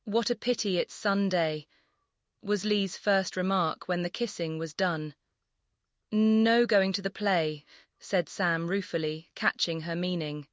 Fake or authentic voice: fake